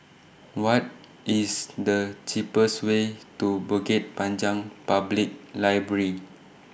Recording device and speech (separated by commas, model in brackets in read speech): boundary microphone (BM630), read sentence